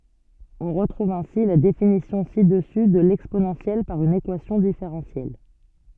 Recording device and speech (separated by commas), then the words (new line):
soft in-ear microphone, read sentence
On retrouve ainsi la définition ci-dessus de l'exponentielle par une équation différentielle.